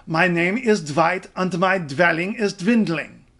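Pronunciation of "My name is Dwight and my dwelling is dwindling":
The sentence is said in an imitation of a German accent.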